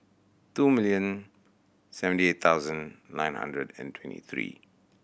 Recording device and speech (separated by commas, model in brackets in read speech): boundary microphone (BM630), read sentence